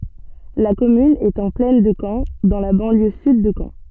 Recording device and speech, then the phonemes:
soft in-ear microphone, read sentence
la kɔmyn ɛt ɑ̃ plɛn də kɑ̃ dɑ̃ la bɑ̃ljø syd də kɑ̃

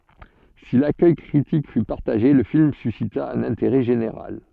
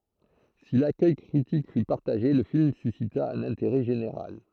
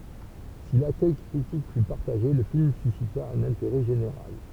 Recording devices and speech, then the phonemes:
soft in-ear microphone, throat microphone, temple vibration pickup, read sentence
si lakœj kʁitik fy paʁtaʒe lə film sysita œ̃n ɛ̃teʁɛ ʒeneʁal

